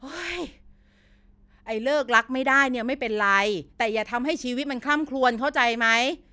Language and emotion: Thai, frustrated